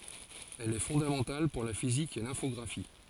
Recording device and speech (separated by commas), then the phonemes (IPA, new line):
forehead accelerometer, read sentence
ɛl ɛ fɔ̃damɑ̃tal puʁ la fizik e lɛ̃fɔɡʁafi